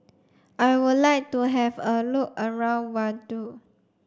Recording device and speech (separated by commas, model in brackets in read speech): standing microphone (AKG C214), read sentence